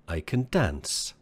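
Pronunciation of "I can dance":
In 'I can dance', 'can' is said in its weak form.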